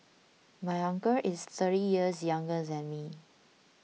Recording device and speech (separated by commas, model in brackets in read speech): mobile phone (iPhone 6), read sentence